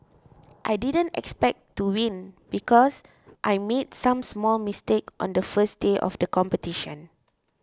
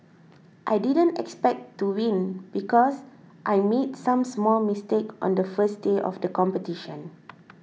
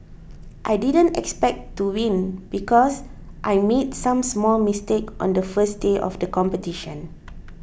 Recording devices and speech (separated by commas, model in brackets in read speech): close-talking microphone (WH20), mobile phone (iPhone 6), boundary microphone (BM630), read sentence